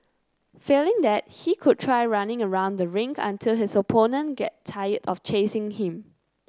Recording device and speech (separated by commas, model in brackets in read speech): close-talking microphone (WH30), read sentence